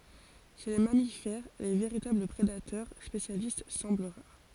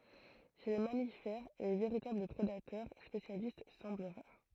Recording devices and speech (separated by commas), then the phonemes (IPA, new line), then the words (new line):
forehead accelerometer, throat microphone, read sentence
ʃe le mamifɛʁ le veʁitabl pʁedatœʁ spesjalist sɑ̃bl ʁaʁ
Chez les mammifères, les véritables prédateurs spécialistes semblent rares.